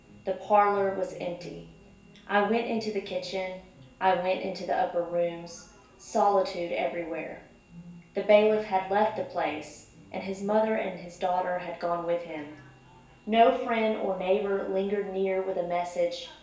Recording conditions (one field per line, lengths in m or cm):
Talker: one person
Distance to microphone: 1.8 m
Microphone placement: close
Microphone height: 1.0 m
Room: large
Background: television